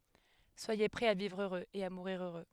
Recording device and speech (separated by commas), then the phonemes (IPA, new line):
headset microphone, read sentence
swaje pʁɛz a vivʁ øʁøz e a muʁiʁ øʁø